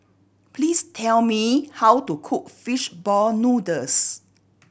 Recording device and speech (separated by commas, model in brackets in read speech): boundary microphone (BM630), read sentence